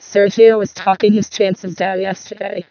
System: VC, vocoder